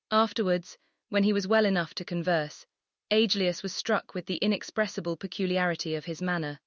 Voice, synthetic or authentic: synthetic